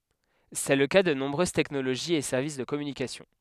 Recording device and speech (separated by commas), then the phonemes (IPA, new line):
headset microphone, read sentence
sɛ lə ka də nɔ̃bʁøz tɛknoloʒiz e sɛʁvis də kɔmynikasjɔ̃